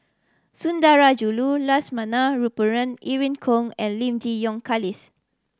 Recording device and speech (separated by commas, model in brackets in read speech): standing microphone (AKG C214), read sentence